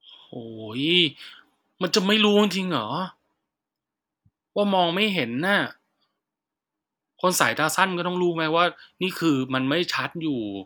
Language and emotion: Thai, frustrated